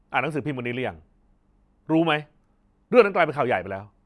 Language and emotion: Thai, angry